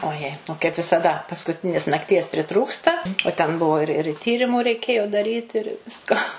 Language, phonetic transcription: Lithuanian, oˈjei o kaip visaˈda paskuˈtinės nakˈties priˈtrūksta o ten ˈbuvo ir ir ˈtyrimu reiˈkėjo daˈryt ir ˈvisko

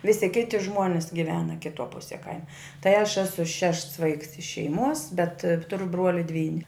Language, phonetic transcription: Lithuanian, ˈvisi ˈkiti ˈžmuonis giˈvena kiˈtuo ˈpusie ˈkaima tai aš ˈesu ˈšešts ˈvaiks iš šeiˈmuos bet ˈturu ˈbruoli ˈdvyni

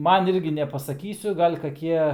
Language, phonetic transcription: Lithuanian, ˈman ˈirgi nepasaˈkysiu gal' kaˈkie

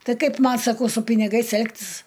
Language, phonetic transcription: Lithuanian, ˈtai ˈkaip ˈman saˈkau su piniˈgais ˈelgtis

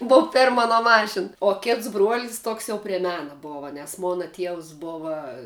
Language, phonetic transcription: Lithuanian, ˈbova ˈperm aˈno ˈmašin o ˈkits bruol's' ˈtoks jau pre ˈmena ˈbova nes ˈmona ˈtievs ˈbova

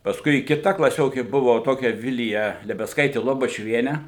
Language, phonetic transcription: Lithuanian, pasˈkui kiˈta klaˈsiokė ˈbuvo ˈtokia ˈvilija lebesˈkaitė lobačiuˈvienė

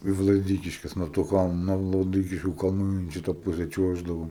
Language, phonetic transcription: Lithuanian, i vlaˈdykiškes nuo to ˈkalnu nuo vlaˈdykiškių kalˈnų in ˈšita ˈpuse ˈčiuoždavom

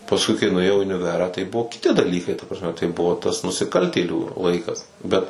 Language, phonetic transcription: Lithuanian, pasˈkui kai nuėˈjau i uniˈverą tai ˈbuvo kiˈti daˈlykai ta prasˈme tai ˈbuvo tas nusiˈkaltėlių ˈlaikas ˈbet

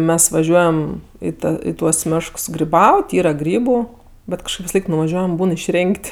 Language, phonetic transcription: Lithuanian, ˈmes vaˈžiuojam ˈį i ˈtuos ˈmėšks griˈbaut' ˈyra ˈgrybu ˈbet kažˈkaip visaˈlaik nuvaˈžiuojam ˈbūn išˈrėnk't'

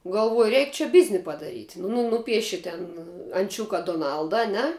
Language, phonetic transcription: Lithuanian, galˈvuoju ˈreik čia ˈbizni padaˈryt' nu ˈnūpieši ten anˈčiuka doˈnalda aˈne

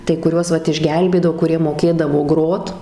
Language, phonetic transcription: Lithuanian, tai kuˈriuos ˈvat išˈgelbėdavo kuˈrie moˈkėdavo ˈgrot

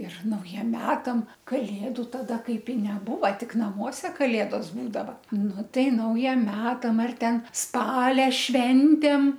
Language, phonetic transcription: Lithuanian, ir nauˈjiem ˈmetam kaˈlėdu taˈda ˈkaip i neˈbūva ˈtik naˈmuose kaˈlėdos ˈbūdava ˈnu ˈtai ˈnaujiem ˈmetam ar ˈten ˈspalia ˈšventėm

